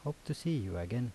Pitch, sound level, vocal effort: 140 Hz, 77 dB SPL, soft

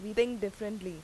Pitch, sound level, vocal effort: 210 Hz, 87 dB SPL, loud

